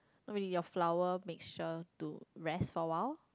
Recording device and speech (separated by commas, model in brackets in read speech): close-talking microphone, conversation in the same room